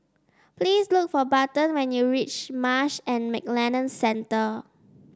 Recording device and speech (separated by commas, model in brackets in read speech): standing microphone (AKG C214), read sentence